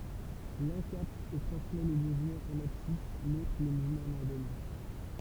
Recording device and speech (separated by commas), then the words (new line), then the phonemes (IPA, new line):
temple vibration pickup, read sentence
L'un capte et transmet les mouvements en abscisse, l'autre les mouvements en ordonnée.
lœ̃ kapt e tʁɑ̃smɛ le muvmɑ̃z ɑ̃n absis lotʁ le muvmɑ̃z ɑ̃n ɔʁdɔne